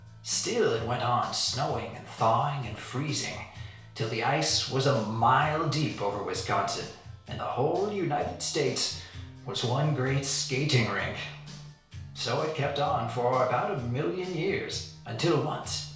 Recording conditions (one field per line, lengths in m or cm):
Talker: one person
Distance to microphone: 1.0 m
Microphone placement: close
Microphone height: 1.1 m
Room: small (3.7 m by 2.7 m)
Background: music